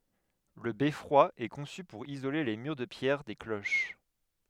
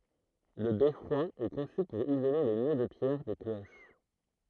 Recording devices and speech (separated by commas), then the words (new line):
headset microphone, throat microphone, read sentence
Le beffroi est conçu pour isoler les murs de pierre des cloches.